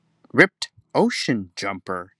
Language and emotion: English, sad